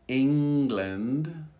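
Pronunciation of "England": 'England' is said slowly, with the ng sound emphasized.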